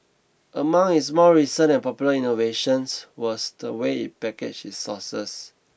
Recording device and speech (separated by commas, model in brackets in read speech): boundary microphone (BM630), read sentence